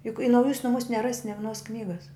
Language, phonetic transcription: Lithuanian, juk i nauˈjūs nuˈmūs neˈrasi ne viˈnos ˈknygas

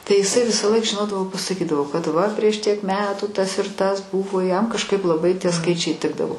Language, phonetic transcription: Lithuanian, tai iˈsai ˈvisąˌlaik žiˈnodavo pasaˈkydavo kad ˈva prieš ˈtiek ˈmetų ˈtas ir ˈtas ˈbūvo jam kažˈkaip laˈbai tie ˈskaičiai ˈtikdavo

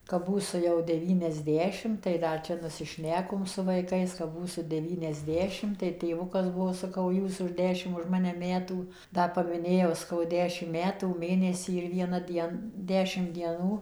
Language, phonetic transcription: Lithuanian, kap ˈbūsu jau deˌvyniasˈdešim tai ˈdar čia nusiˈšnekom su vaiˈkais ˈkap ˈbūsu deˌvyniasˈdešim tai tėˈvukas ˈbuvo saˈkau ˈjūs už ˈdešimt už ˈmane ˈmetų ˈda pamiˈnėjau saˈkau ˈdešim ˈmetų ˈmėnesį ir vieˈna ˈdien ˈdešimt dieˈnų

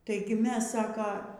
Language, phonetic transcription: Lithuanian, ˈtaigi ˈmes ˈsaka

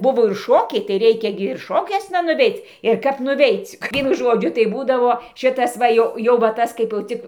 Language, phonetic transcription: Lithuanian, ˈbuvo ir ˈšokiai tai ˈreikia ˈgi ir ˈšokiuosna nuˈveic ir ˈkap nuˈveic' ˈvienu ˈžodžiu tai ˈbūdavo ˈšitas ˈva jau jau va ˈtas kaip jau ˈcik

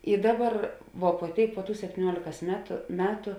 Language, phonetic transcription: Lithuanian, i ˈdaˌbar vuo puo ˈtėik puo ˈtų septyˈniuolėkas ˈmetu ˈmetu

